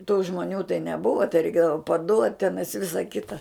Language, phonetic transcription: Lithuanian, tų žmoˈnių tai neˈbuva tai reiˈkėdava paˈduot' ˈtenais ˈvisa ˈkita

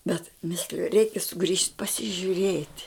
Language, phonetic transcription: Lithuanian, bet ˈmisliju ˈreikia suˈgrįžt' pasižiuˈrėt'

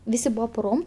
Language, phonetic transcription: Lithuanian, ˈvisi ˈbuvo puˈrom

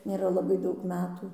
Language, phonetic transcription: Lithuanian, nėˈra laˈbai ˈdaug ˈmetų

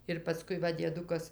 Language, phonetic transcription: Lithuanian, ir paˈskui ˈva dieˈdukas

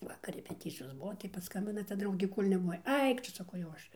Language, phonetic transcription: Lithuanian, ˈvakar repeˈticijos ˈbuvo tai paˈskambina ta ˈdraugė ˈkol' nebuˈvai ˈaik tu saˈkau jau ˈaš

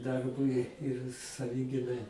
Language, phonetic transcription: Lithuanian, ˈdarbui ir saˈviginai

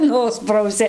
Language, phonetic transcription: Lithuanian, ˈnusprausi

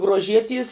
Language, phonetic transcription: Lithuanian, gruoˈžieties

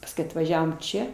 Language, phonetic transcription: Lithuanian, pasˈkui atvaˈžiavom ˈčia

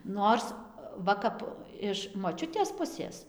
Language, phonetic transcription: Lithuanian, ˈnors ˈva kap iš moˈčiutės ˈpusės

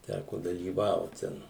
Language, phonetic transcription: Lithuanian, ˈtæko dalyˈvaut ˈten

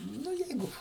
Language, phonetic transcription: Lithuanian, ˈnu ˈjeigu

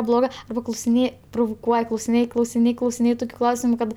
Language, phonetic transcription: Lithuanian, ˈblogɜ klausiˈnėj pruvuˈkuoj klausiˈnėj klausiˈnėj klausiˈnėj ˈtukiu ˈklausimu ˈkad

